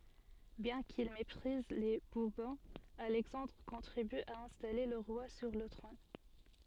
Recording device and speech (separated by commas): soft in-ear microphone, read sentence